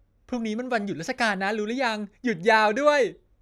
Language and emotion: Thai, happy